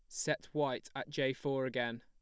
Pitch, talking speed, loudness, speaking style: 130 Hz, 200 wpm, -37 LUFS, plain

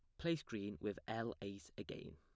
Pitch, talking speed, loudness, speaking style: 105 Hz, 185 wpm, -46 LUFS, plain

